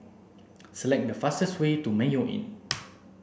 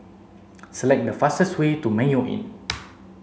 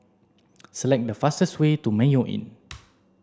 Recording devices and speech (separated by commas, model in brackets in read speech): boundary microphone (BM630), mobile phone (Samsung C7), standing microphone (AKG C214), read sentence